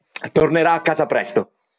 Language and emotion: Italian, happy